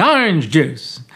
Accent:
Mid-Atlantic accent